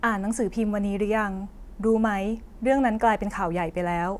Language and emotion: Thai, neutral